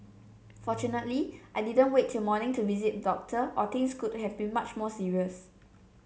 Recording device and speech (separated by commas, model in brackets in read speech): mobile phone (Samsung C7), read sentence